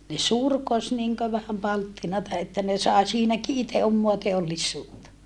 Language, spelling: Finnish, ne surkosi niin kuin vähän palttinaa että ne sai siinäkin itse omaa teollisuutta
- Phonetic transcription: ne surkos niŋkö vähäm palttinata että ne sàe siinäki ite ommoa teollissuutta .

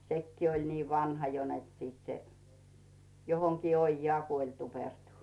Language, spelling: Finnish, sekin oli niin vanha jo että sitten se johonkin ojaan kuoli tuupertui
- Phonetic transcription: 'sekkii oĺ nii "vanha jo net sit se , 'johoŋkii 'oijjaa 'kuoĺ 'tupertu .

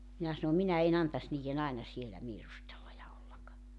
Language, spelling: Finnish, minä sanon minä en antaisi niiden aina siellä viirustella ja olla
- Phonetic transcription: 'minä sano 'minä e'n ‿antas niije'n ‿aena sielä 'viirustella ja ollak .

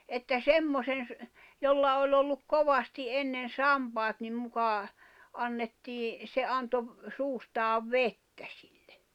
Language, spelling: Finnish, että semmoisen - jolla oli ollut kovasti ennen sampaat niin muka annettiin se antoi - suustaan vettä sille
- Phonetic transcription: että "semmosen ‿s- , 'jolla oĺ ‿olluk "kovasti '’ennen "sampaat nim 'mukà , 'annettii , se 'anto ‿v- , 'suustaav "vettä sɪʟʟᴇ .

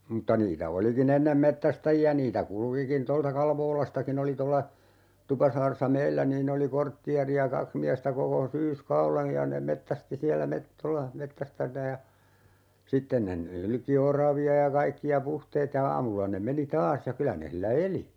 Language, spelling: Finnish, mutta niitä olikin ennen metsästäjiä niitä kulkikin tuolta Kalvolastakin oli tuolla Tupasaaressa meillä niin oli kortteeria kaksi miestä koko syyskauden ja ne metsästi siellä - tuolla - ja sitten ne nylki oravia ja kaikkia puhteet ja aamulla ne meni taas ja kyllä ne sillä eli
- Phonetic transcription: 'm̥tta 'niitä "oliki'n ‿ennem "mettästäji₍ä 'niitä "kulᵘkikin 'tolta "Kalvoolastaki'n ‿oli tolla , 'Tupasaaressa "meillä niin'ⁿ ‿oli 'korttiari₍a "kaks miästä 'koko 'syys"kaulej ja ne 'mettästi "siällä 'met- , tolla 'mettäs(- -) ja , 'sitten ne "nylki 'oravi₍a ja 'kaikki₍a "puhteet ja 'aamulla ne 'meni "taas ja 'kylä ne hillä "eli .

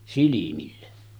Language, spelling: Finnish, silmille
- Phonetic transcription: silimille .

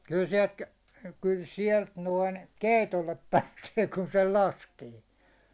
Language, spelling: Finnish, kyllä sieltä kyllä sieltä noin keitolle pääsee kun sen laskee
- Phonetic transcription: kyl sie̬lt , kyl 'sielt noin , "kèitollep 'pääsee kun sel 'laskee .

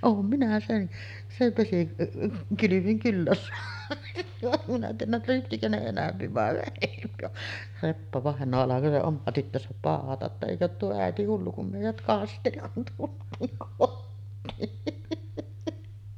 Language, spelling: Finnish, olen minä sen sen - vesikylvyn kyllä saanut saanut en tiedä lypsikö ne enempi vai vähempi vaan Reppa-vainaja alkoi se oma tyttönsä pauhata jotta eikö ole tuo äiti hullu kun meidät kasteli kun tultiin kotiin
- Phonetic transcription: oom minä 'sen , sev vesi- , '-kylyvyŋ "kyllä soanu , soanunna , (en tiijäl) 'lypsikö ne 'enämpi vàe vähempi va , 'Reppa-vàeǹoo alako se 'oma tyttösäp 'pàohata ‿tta » 'èikö oot tuo 'ä̀eti hullu kum mèijät "kasteli kun tult̀iiŋ 'kottiin « .

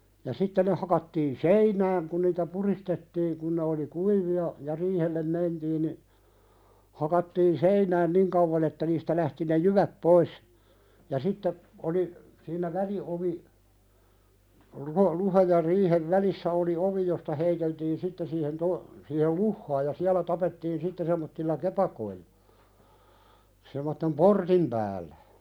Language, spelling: Finnish, ja sitten ne hakattiin seinään kun niitä puristettiin kun ne oli kuivia ja riihelle mentiin niin hakattiin seinään niin kauan että niistä lähti ne jyvät pois ja sitten oli siinä väliovi luhta luhdan ja riihen välissä oli ovi josta heiteltiin sitten siihen - siihen luhtaan ja siellä tapettiin sitten semmoisilla kepakoilla semmoisen portin päälle
- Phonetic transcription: ja 'sitte ne hakattiin "seinääŋ kun niitä 'puristettiiŋ kun ne oli "kuivi₍a , ja "riihellem 'mentiin ni , "hakattiin "seinään 'niŋ kauvan ‿että niistä lähti ne "juväp 'pois , ja sitte , oli , siinä 'väli₍ovi , luha- 'luhaj ja 'riihev "välissä oli "ovi josta 'heiteltiin 'sitte siihen to- , siihel "luhhaaj ja siälä 'tapettiin sitte sem̆mottilla "kepakoillᴀ , sem̆mottem "portim pääl̆lᴀ̈ .

